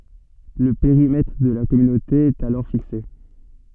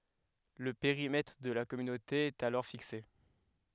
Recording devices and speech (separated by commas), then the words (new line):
soft in-ear microphone, headset microphone, read sentence
Le périmètre de la Communauté est alors fixé.